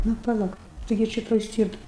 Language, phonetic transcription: Lithuanian, nu paˈla taiˈgi ˈčia toj ˈstyrta

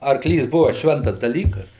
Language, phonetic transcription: Lithuanian, arˈklys ˈbuva ˈšventas daˈlykas

